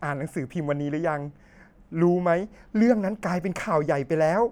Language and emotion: Thai, neutral